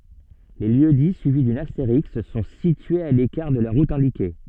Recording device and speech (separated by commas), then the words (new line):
soft in-ear microphone, read sentence
Les lieux-dits suivis d'une astérisque sont situés à l'écart de la route indiquée.